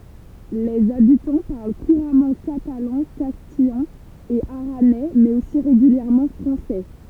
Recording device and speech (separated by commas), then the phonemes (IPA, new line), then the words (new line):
temple vibration pickup, read sentence
lez abitɑ̃ paʁl kuʁamɑ̃ katalɑ̃ kastijɑ̃ e aʁanɛ mɛz osi ʁeɡyljɛʁmɑ̃ fʁɑ̃sɛ
Les habitants parlent couramment catalan, castillan et aranais, mais aussi régulièrement français.